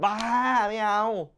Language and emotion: Thai, happy